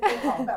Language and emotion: Thai, happy